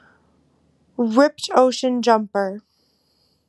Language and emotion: English, neutral